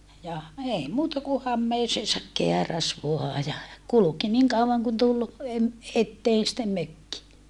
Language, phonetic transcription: Finnish, ja , ei muuta ku hammeeseesak keäräs voa ja , kuluki niiŋ kauvaŋ kun tul , em- , etteen sⁱttem mökki .
- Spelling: ja ei muuta kuin hameeseensa kääräisi vain ja kulki niin kauan kuin tuli - eteen sitten mökki

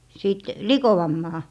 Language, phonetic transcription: Finnish, sìt , "likoʷammaa .
- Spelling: sitten likoamaan

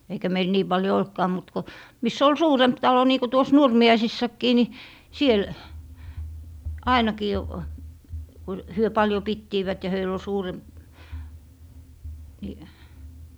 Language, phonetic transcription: Finnish, eikä meil 'nii 'paljo "oltkaa mut ko , 'miss ‿ol "suuremp 'talo nii ko tuos 'Nurmi₍aisissakkii ni , 'siel , "ainakii , ku 'hyö 'paljo 'pittiivät ja 'höil ‿ol 'suuremp- , ni ,.
- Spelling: eikä meillä niin paljon ollutkaan mutta kun missä oli suurempi talo niin kuin tuossa Nurmiaisissakin niin siellä ainakin kun he paljon pitivät ja heillä oli suurempi niin

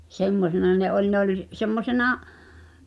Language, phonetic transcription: Finnish, 'semmosena ne '’oĺ ne ‿oĺ , 'semmosena ,.
- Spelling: semmoisena ne oli ne oli semmoisena

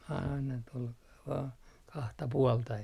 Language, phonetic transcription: Finnish, aina tol vaa , 'kahta 'puolta e - .
- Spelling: aina tuolla vain kahta puolta -

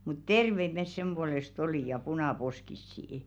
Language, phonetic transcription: Finnish, mut "terveit mes sem ʙuoles't ‿olì ja "punà'poskissi₍ⁱ .
- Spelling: mutta terveitä me sen puolesta oli ja punaposkisia

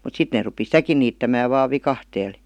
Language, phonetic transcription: Finnish, mut 'sit nee rupi "sitäki niittämääv vaav "vikahteel .
- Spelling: mutta sitten ne rupesi sitäkin niittämään vain viikatteella

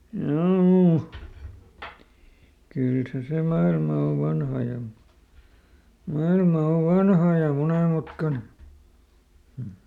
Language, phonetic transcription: Finnish, ˈjoo , ˈkyl se se ˈmailma o ˈvanha ja , "mailma o "vanha ja ˈmonèmutkane , hm̥ .
- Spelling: joo kyllä se se maailma on vanha ja maailma on vanha ja monenmutkainen mm

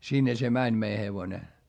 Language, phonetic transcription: Finnish, sinne se mäń mei hevone .
- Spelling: sinne se meni meidän hevonen

